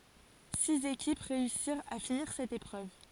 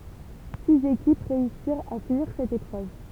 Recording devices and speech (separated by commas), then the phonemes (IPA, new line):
forehead accelerometer, temple vibration pickup, read sentence
siz ekip ʁeysiʁt a finiʁ sɛt epʁøv